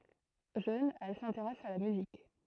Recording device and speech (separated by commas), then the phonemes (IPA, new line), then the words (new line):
throat microphone, read sentence
ʒøn ɛl sɛ̃teʁɛs a la myzik
Jeune, elle s'intéresse à la musique.